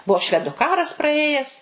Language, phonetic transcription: Lithuanian, ˈbuo ˈšvedu ˈkaras praˈėjes

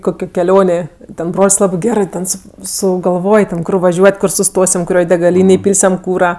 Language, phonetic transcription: Lithuanian, ˈkokio keˈlionė ten ˈbrol's' ˈlabɜ ˈgerɜ ten su sugalˈvoj ten ˈkur vaˈžiuot' ˈkur suˈstosim kuˈrioj degaˈlynėj ˈpylsiam ˈkūra

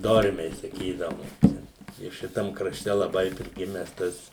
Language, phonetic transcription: Lithuanian, ˈdormiai saˈkydavum ˈčia i ˈšitam kraˈšte laˈbai priˈgimes ˈtas

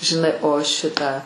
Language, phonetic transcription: Lithuanian, žiˈnai o ˈšitą

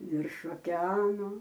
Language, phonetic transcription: Lithuanian, virš okeˈanu

